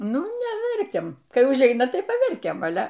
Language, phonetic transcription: Lithuanian, ˈnu neˈverkiam ˈkai užˈeina ˈtai paˈverkiam aˈle

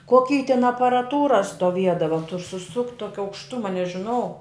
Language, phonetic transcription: Lithuanian, koˈky tin aparaˈtūra stoˈviedava tur suˈsukt' ˈtoki aukšˈtuma nežiˈnau

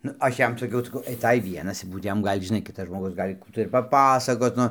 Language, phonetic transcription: Lithuanian, nu ˈaš ˈjam saˈkiau saˈkau aiˈtai ˈvienas ˈbūt ˈjam ˈgal' žiˈnai ˈkitas žmoˈgus ˈgal' ˈkų tai ir paˈpasakot ˈnu

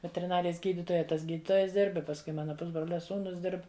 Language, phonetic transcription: Lithuanian, veteriˈnarijas ˈgyditoja ˈtas ˈgyditojas ˈdirb i pasˈkui ˈmana ˈpusbrolia ˈsūnus ˈdirb

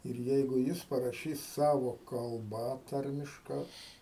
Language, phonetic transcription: Lithuanian, ir ˈjeigu ˈjis paraˈšys ˈsavo kalˈba ˈtarmiška

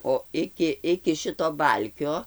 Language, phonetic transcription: Lithuanian, o ˈiki iki ˈšito ˈbalkio

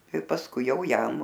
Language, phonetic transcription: Lithuanian, i pasˈkui ˈjau ˈjam

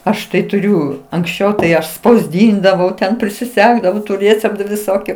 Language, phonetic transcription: Lithuanian, ˈaš tai tuˈriu anksˈčiau tai ˈaš spausˈdyndavau ten prisiˈsegdavau tu ˈrėceptu viˈsokiu

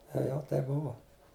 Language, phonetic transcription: Lithuanian, ˈtai jau ˈtaip ˈbuvo

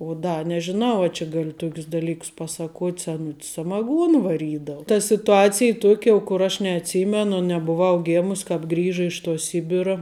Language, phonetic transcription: Lithuanian, o ˈda nežiˈnau a či ˈgali ˈtokius daˈlykus ˈpasaˌkuot' seˈnut's samaˈguon vaˈrydau ta situˈacij ˈtuok' jau kur ˈaš neatˈsymenu nebuˈvau ˈgėmus kāp ˈgrįža iš tuo ˈsibira

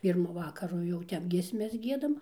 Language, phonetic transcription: Lithuanian, ˈpyrmu ˈvakaru jau ˈtep giesˈmes ˈgiedam

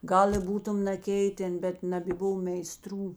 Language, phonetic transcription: Lithuanian, ˈgal i ˈbūtum naˈkeiten ˈbet nabėˈbuvo meiˈstrų

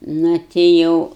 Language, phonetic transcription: Lithuanian, ˈnu ti ˈjau

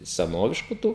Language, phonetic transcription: Lithuanian, seˈnovišku ˈtų

